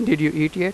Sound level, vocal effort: 90 dB SPL, normal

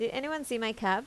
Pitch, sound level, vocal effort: 230 Hz, 84 dB SPL, normal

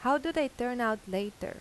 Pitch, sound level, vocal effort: 240 Hz, 86 dB SPL, normal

